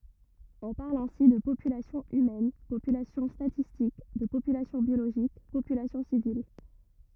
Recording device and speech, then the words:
rigid in-ear microphone, read sentence
On parle ainsi de population humaine, population statistique, de population biologique, population civile, etc.

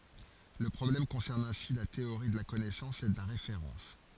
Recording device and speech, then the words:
forehead accelerometer, read sentence
Le problème concerne ainsi la théorie de la connaissance et de la référence.

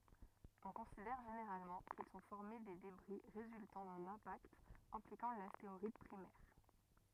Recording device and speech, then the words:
rigid in-ear microphone, read sentence
On considère généralement qu'ils sont formés des débris résultant d'un impact impliquant l'astéroïde primaire.

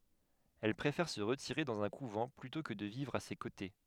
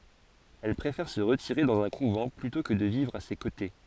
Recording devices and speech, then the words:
headset microphone, forehead accelerometer, read sentence
Elle préfère se retirer dans un couvent, plutôt que de vivre à ses côtés.

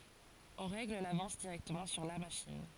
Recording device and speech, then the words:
forehead accelerometer, read sentence
On règle l'avance directement sur la machine.

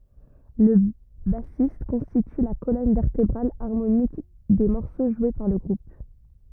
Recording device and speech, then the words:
rigid in-ear microphone, read sentence
Le bassiste constitue la colonne vertébrale harmonique des morceaux joués par le groupe.

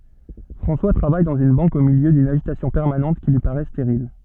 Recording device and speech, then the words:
soft in-ear microphone, read sentence
François travaille dans une banque au milieu d’une agitation permanente qui lui paraît stérile.

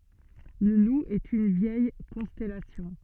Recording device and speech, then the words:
soft in-ear microphone, read sentence
Le Loup est une vieille constellation.

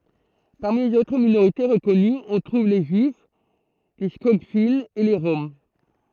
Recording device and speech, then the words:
throat microphone, read sentence
Parmi les autres minorités reconnues, on trouve les juifs, les Skogfinns et les Roms.

